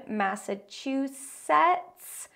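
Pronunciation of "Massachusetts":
'Massachusetts' is not said the usual way here: the last syllable has the E vowel of the spelling instead of sounding like 'sits'.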